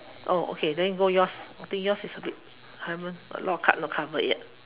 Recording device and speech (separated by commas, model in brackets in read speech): telephone, conversation in separate rooms